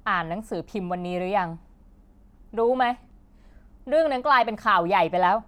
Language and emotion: Thai, frustrated